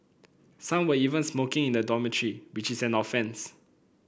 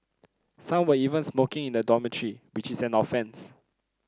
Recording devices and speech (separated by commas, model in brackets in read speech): boundary microphone (BM630), close-talking microphone (WH30), read sentence